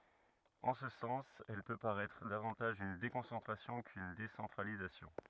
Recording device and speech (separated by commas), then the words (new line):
rigid in-ear microphone, read sentence
En ce sens, elle peut paraître davantage une déconcentration qu'une décentralisation.